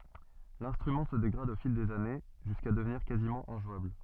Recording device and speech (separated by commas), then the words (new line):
soft in-ear microphone, read sentence
L'instrument se dégrade au fil des années, jusqu'à devenir quasiment injouable.